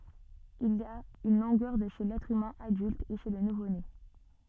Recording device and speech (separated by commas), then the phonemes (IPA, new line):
soft in-ear microphone, read sentence
il a yn lɔ̃ɡœʁ də ʃe lɛtʁ ymɛ̃ adylt e ʃe lə nuvone